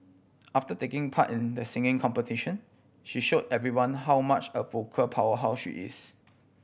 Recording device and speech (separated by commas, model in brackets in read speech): boundary microphone (BM630), read sentence